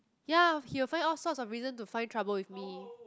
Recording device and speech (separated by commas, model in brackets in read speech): close-talking microphone, conversation in the same room